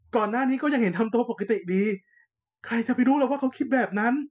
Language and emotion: Thai, frustrated